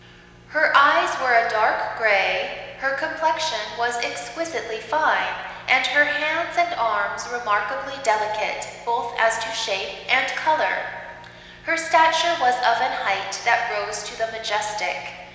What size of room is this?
A very reverberant large room.